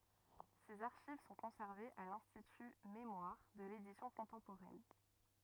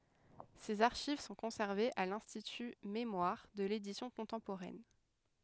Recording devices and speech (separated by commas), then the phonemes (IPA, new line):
rigid in-ear microphone, headset microphone, read sentence
sez aʁʃiv sɔ̃ kɔ̃sɛʁvez a lɛ̃stity memwaʁ də ledisjɔ̃ kɔ̃tɑ̃poʁɛn